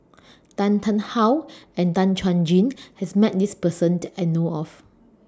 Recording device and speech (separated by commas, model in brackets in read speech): standing microphone (AKG C214), read sentence